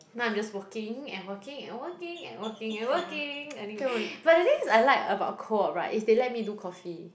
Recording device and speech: boundary microphone, conversation in the same room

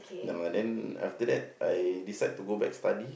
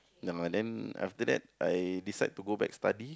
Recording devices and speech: boundary microphone, close-talking microphone, conversation in the same room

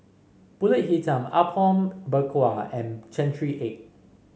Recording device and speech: mobile phone (Samsung C5), read sentence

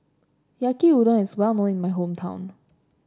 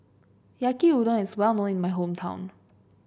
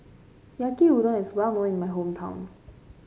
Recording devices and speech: standing microphone (AKG C214), boundary microphone (BM630), mobile phone (Samsung C5), read sentence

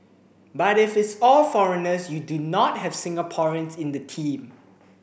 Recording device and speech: boundary microphone (BM630), read sentence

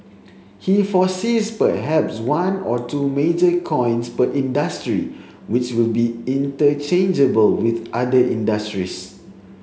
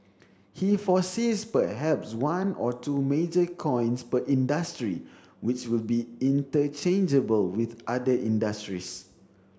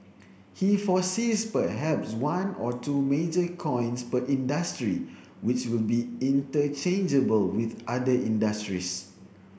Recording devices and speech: mobile phone (Samsung C7), standing microphone (AKG C214), boundary microphone (BM630), read sentence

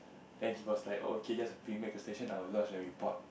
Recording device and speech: boundary microphone, conversation in the same room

